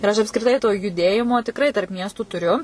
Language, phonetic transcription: Lithuanian, ir ˈaš apskriˈtai to juˈdėjimo tikˈrai tarp ˈmiestų tuˈriu

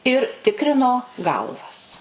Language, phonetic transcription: Lithuanian, ir ˈtikrino ˈgalvas

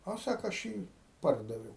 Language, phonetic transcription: Lithuanian, a ˈsako aš ˈjį ˈpardaviau

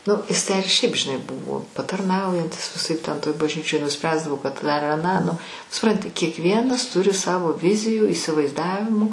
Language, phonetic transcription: Lithuanian, nu ˈis tę ir šiaip žiˈnai ˈbuvo patarˈnaujantis viˈsaip ˈten toj bažˈnyčioj nuˈspręsdavo kad dar aˈną nu suˈpranti kiekˈvienas ˈturi ˈsavo ˈvizijų įsivaizˈdavimų

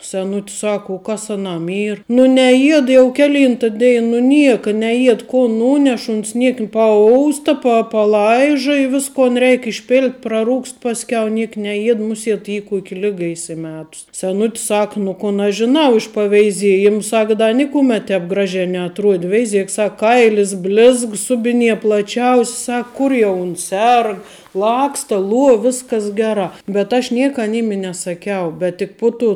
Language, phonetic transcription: Lithuanian, seˈnut's ˈsak u ˈkas aˈnam ˈyr nu neˈjied jau ˈkeˌlynta ˈdein nu ˈnieka neˈjied ko ˈnūnešu uns ˈniek paˈousta pa paˈlaiža i ˈviskon ˈreik išˈpilt' praˈrūgst pasˈkiau ˈniek neˈjied muˈsiet ˈy ˈkuok' ˈliga įsiˈmetus seˈnut's ˈsak nu ˈkun aš žiˈnau iš paveiˈziejim ˈsak da ˈnikumet ˈtēp ˈgraˌžē neatˈruodi ˈveiˌziek ˈsak ˈkailis ˈblizg ˈsubiˌnie plaˈčiaus' ˈsak ˈkur jau uns ˈserg ˈlaksta ˈluo ˈviskas ˈgerā bet aš ˈnieka aˈnym i nesaˈkiau ˈbet tik ˈpu tu

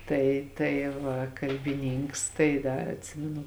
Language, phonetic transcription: Lithuanian, ˈtai tai ˈva kalbiˈnynks tai ˈdar atˈsiminu

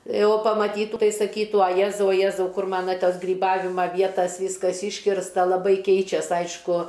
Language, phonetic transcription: Lithuanian, ˈjeu pamaˈtytų ˈtai saˈkytų a ˈjezau a ˈjezau ˈkur ˈmana ˈtas gryˈbavima ˈvietas ˈvyskas ˈyškirsta laˈbai ˈkeičias ˈaišku

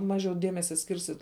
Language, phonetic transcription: Lithuanian, ˈmažiau ˈdiemesia ˈskirsit

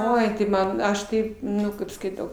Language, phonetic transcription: Lithuanian, ˈoi tai ˈman ˈaš ˈkaip ˈnu ˈkaip skaiˈtau

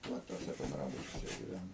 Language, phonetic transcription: Lithuanian, ˈva tuoˈse benˈdrabučiuose giˈvænom

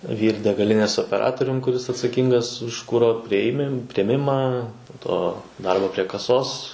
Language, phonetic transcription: Lithuanian, vyr degaˈlinės opeˈratorium kuˈris atsaˈkyngas už ˈkuro prieˈmim prieˈmimą po ˈto ˈdarbo prie kaˈsos

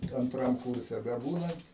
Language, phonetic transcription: Lithuanian, anˈtram ˈkurse beˈbūnant

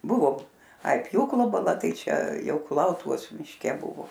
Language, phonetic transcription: Lithuanian, ˈbuvo ai ˈpjūklo baˈla ˈtai ˈčia ˈjau kuˈlautuvos mišˈke ˈbuvo

